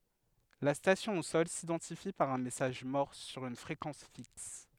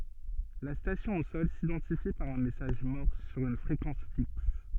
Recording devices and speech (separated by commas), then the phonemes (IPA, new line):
headset microphone, soft in-ear microphone, read sentence
la stasjɔ̃ o sɔl sidɑ̃tifi paʁ œ̃ mɛsaʒ mɔʁs syʁ yn fʁekɑ̃s fiks